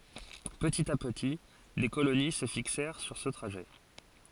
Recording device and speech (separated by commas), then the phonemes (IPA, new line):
forehead accelerometer, read sentence
pətit a pəti de koloni sə fiksɛʁ syʁ sə tʁaʒɛ